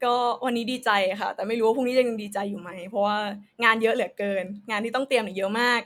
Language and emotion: Thai, happy